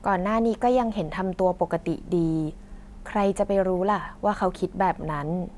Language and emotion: Thai, neutral